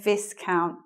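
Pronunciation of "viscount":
'Viscount' is pronounced incorrectly here.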